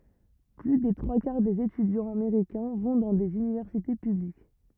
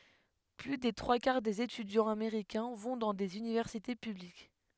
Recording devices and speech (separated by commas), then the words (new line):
rigid in-ear microphone, headset microphone, read sentence
Plus des trois quarts des étudiants américains vont dans des universités publiques.